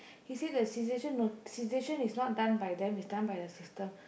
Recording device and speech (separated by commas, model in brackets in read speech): boundary microphone, conversation in the same room